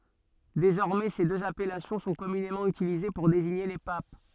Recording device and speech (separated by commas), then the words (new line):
soft in-ear microphone, read sentence
Désormais, ces deux appellations sont communément utilisées pour désigner les papes.